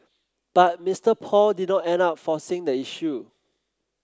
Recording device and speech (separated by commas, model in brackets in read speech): close-talking microphone (WH30), read sentence